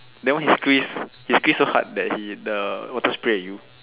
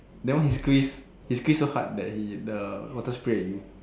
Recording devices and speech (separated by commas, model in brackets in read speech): telephone, standing microphone, conversation in separate rooms